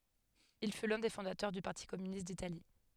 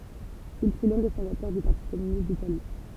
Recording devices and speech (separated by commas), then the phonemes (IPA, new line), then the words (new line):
headset microphone, temple vibration pickup, read sentence
il fy lœ̃ de fɔ̃datœʁ dy paʁti kɔmynist ditali
Il fut l’un des fondateurs du Parti communiste d'Italie.